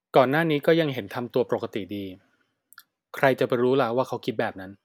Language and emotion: Thai, neutral